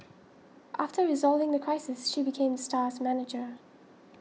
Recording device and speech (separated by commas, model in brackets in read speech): mobile phone (iPhone 6), read sentence